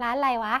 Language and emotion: Thai, happy